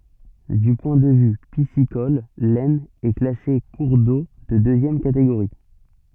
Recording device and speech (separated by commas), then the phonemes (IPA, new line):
soft in-ear microphone, read sentence
dy pwɛ̃ də vy pisikɔl lɛsn ɛ klase kuʁ do də døzjɛm kateɡoʁi